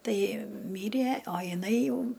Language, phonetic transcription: Lithuanian, ˈtai ˈmyrie o jiˈnai ˈjau

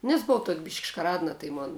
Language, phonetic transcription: Lithuanian, nes buˈvau tuok' bišk' škaˈradna tai ˈmon

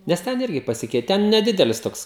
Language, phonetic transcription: Lithuanian, nes ˈten ˈirgi paˈsikeiti ˈten neˈdidelis ˈtoks

